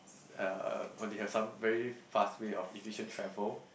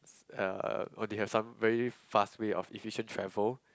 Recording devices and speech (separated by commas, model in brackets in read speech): boundary microphone, close-talking microphone, conversation in the same room